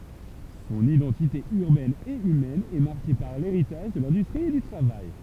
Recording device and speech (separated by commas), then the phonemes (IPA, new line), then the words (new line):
temple vibration pickup, read sentence
sɔ̃n idɑ̃tite yʁbɛn e ymɛn ɛ maʁke paʁ leʁitaʒ də lɛ̃dystʁi e dy tʁavaj
Son identité urbaine et humaine est marquée par l’héritage de l’industrie et du travail.